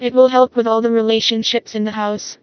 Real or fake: fake